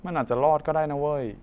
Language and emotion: Thai, neutral